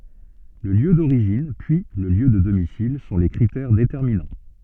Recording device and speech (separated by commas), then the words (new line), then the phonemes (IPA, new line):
soft in-ear microphone, read sentence
Le lieu d'origine puis le lieu de domicile sont les critères déterminants.
lə ljø doʁiʒin pyi lə ljø də domisil sɔ̃ le kʁitɛʁ detɛʁminɑ̃